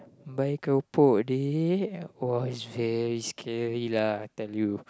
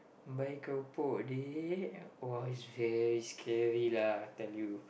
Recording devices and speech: close-talking microphone, boundary microphone, conversation in the same room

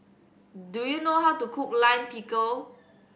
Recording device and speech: boundary microphone (BM630), read sentence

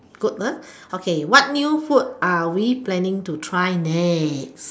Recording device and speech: standing microphone, conversation in separate rooms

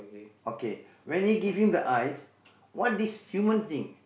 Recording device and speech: boundary microphone, conversation in the same room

